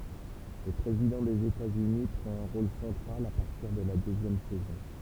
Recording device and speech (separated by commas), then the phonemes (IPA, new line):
temple vibration pickup, read sentence
lə pʁezidɑ̃ dez etatsyni pʁɑ̃t œ̃ ʁol sɑ̃tʁal a paʁtiʁ də la døzjɛm sɛzɔ̃